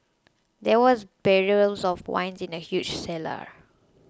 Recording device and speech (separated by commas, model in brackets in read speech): close-talking microphone (WH20), read sentence